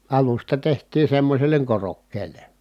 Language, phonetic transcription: Finnish, alusta teht̀ii semmośelleŋ korokkeele .
- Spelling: alusta tehtiin semmoiselle korokkeelle

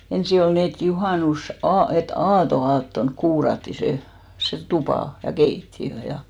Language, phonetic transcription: Finnish, 'ensi ol 'nii et 'juhànus₍"aa- , e"t ‿aato₍'aattonk 'kuuratti 'se , 'se "tupà , ja "keitti₍ö 'ja .
- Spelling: ensin oli niin että - et aatonaattona kuurattiin se se tupa ja keittiö ja

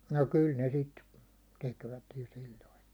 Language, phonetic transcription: Finnish, no 'kyl ne 'sit , tekvät jo 'sil̜l̜oin .
- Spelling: no kyllä ne sitä tekivät jo silloin

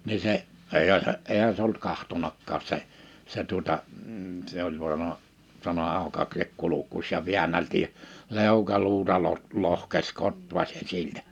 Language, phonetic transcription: Finnish, ni 'se , 'èihä se , 'èihä se ollut 'kahtonakkaas 'se , 'se tuᵒta , m̥ se ‿oĺ (sanona) , sano » 'àoka(keek) 'kulukkuś « ja 'viännälti , 'lèukaluuta lot- , 'lohkes 'kotvaśen 'siltä .
- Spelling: niin se eihän se eihän se ollut katsonutkaan se se tuota - se oli sanonut sanoi aukaise kurkkusi ja väänteli leukaluuta - lohkesi kotvasen siltä

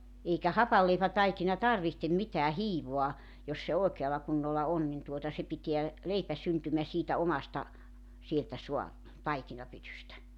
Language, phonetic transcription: Finnish, 'eikä "hapalleipätaikina "tarvihtem 'mitää "hiivoa , 'jos se 'òekeala kunnolla 'on nin tuota se 'piteä , 'leipä syntymä siitä 'omasta , sieltä 'sua , 'taikinapytystä .
- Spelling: eikä hapanleipätaikina tarvitse mitään hiivaa jos se oikealla kunnolla on niin tuota se pitää leipä syntymän siitä omasta sieltä saa taikinapytystä

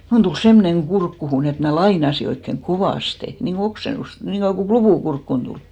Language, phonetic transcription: Finnish, 'mun tul "semmoneŋ 'ɢurkkuhun ‿et mnä "lainasi oikkeŋ "kovàste , niŋko "oksenust , niŋko joku "klupù 'kurkkun tulì .
- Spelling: minun tuli semmoinen kurkkuun että minä lainasin oikein kovasti niin kuin oksennusta niin kuin joku klupu kurkkuun tuli

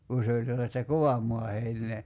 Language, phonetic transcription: Finnish, ku se oĺ sellasta "kovam moa 'hein̆nee .
- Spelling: kun se oli sellaista kovan maan heinää

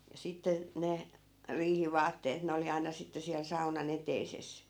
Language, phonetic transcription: Finnish, ja 'sitte , 'ne , 'riihi"vaatteet ne oli 'aina sitte siäl sauna'n ‿eteises .
- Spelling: ja sitten ne riihivaatteet ne oli aina sitten siellä saunan eteisessä

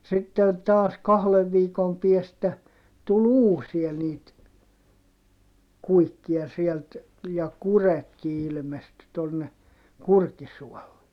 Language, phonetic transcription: Finnish, sitten taas kahlev viikom piestä , tul ‿uusia niit , kuikkia sielt , ja kuretki ilmesty tonne , Kurkisuɔlle .
- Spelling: sitten taas kahden viikon päästä tuli uusia niitä kuikkia sieltä ja kurjetkin ilmestyi tuonne Kurkisuolle

